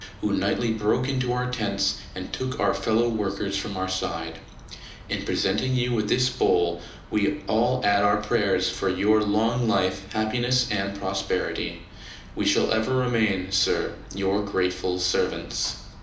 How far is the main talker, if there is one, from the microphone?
2.0 m.